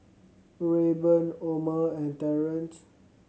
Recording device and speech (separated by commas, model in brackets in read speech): mobile phone (Samsung C7100), read sentence